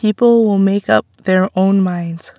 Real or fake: real